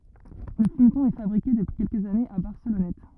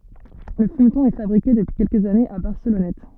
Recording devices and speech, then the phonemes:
rigid in-ear microphone, soft in-ear microphone, read sentence
lə fymtɔ̃ ɛ fabʁike dəpyi kɛlkəz anez a baʁsəlɔnɛt

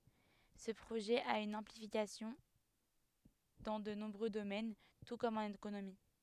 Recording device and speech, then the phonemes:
headset microphone, read sentence
sə pʁoʒɛ a yn ɛ̃plikasjɔ̃ dɑ̃ də nɔ̃bʁø domɛn tu kɔm ɑ̃n ekonomi

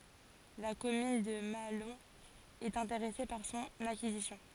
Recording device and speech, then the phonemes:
forehead accelerometer, read sentence
la kɔmyn də maalɔ̃ ɛt ɛ̃teʁɛse paʁ sɔ̃n akizisjɔ̃

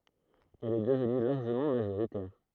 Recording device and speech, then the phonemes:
throat microphone, read sentence
ɛl ɛ dəvny laʁʒəmɑ̃ maʒoʁitɛʁ

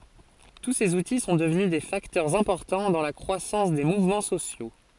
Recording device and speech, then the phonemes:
forehead accelerometer, read sentence
tu sez uti sɔ̃ dəvny de faktœʁz ɛ̃pɔʁtɑ̃ dɑ̃ la kʁwasɑ̃s de muvmɑ̃ sosjo

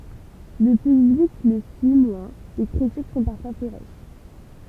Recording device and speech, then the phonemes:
temple vibration pickup, read sentence
lə pyblik lə syi mwɛ̃ le kʁitik sɔ̃ paʁfwa feʁos

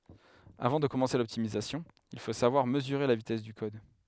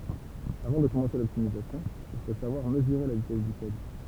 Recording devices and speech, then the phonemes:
headset microphone, temple vibration pickup, read sentence
avɑ̃ də kɔmɑ̃se lɔptimizasjɔ̃ il fo savwaʁ məzyʁe la vitɛs dy kɔd

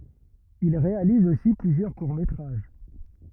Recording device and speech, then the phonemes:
rigid in-ear microphone, read sentence
il ʁealiz osi plyzjœʁ kuʁ metʁaʒ

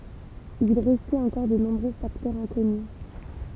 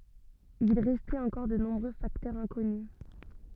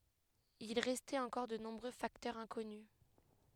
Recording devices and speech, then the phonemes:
temple vibration pickup, soft in-ear microphone, headset microphone, read sentence
il ʁɛstɛt ɑ̃kɔʁ də nɔ̃bʁø faktœʁz ɛ̃kɔny

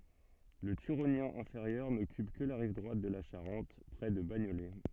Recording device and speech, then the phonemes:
soft in-ear microphone, read sentence
lə tyʁonjɛ̃ ɛ̃feʁjœʁ nɔkyp kə la ʁiv dʁwat də la ʃaʁɑ̃t pʁɛ də baɲolɛ

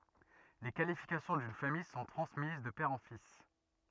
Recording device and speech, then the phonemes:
rigid in-ear microphone, read sentence
le kalifikasjɔ̃ dyn famij sɔ̃ tʁɑ̃smiz də pɛʁ ɑ̃ fis

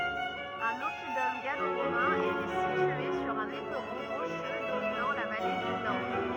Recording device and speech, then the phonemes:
rigid in-ear microphone, read sentence
œ̃n ɔpidɔm ɡalo ʁomɛ̃ etɛ sitye syʁ œ̃n epʁɔ̃ ʁoʃø dominɑ̃ la vale dy dan

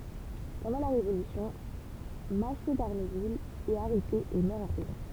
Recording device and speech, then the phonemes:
temple vibration pickup, read sentence
pɑ̃dɑ̃ la ʁevolysjɔ̃ maʃo daʁnuvil ɛt aʁɛte e mœʁ ɑ̃ pʁizɔ̃

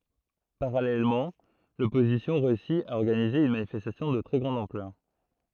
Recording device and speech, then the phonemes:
throat microphone, read sentence
paʁalɛlmɑ̃ lɔpozisjɔ̃ ʁeysi a ɔʁɡanize yn manifɛstasjɔ̃ də tʁɛ ɡʁɑ̃d ɑ̃plœʁ

